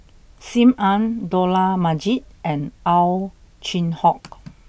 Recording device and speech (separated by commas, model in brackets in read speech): boundary microphone (BM630), read sentence